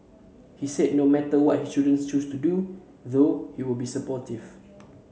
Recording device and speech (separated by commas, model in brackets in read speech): mobile phone (Samsung C7), read sentence